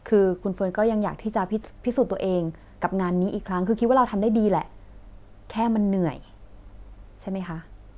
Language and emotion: Thai, neutral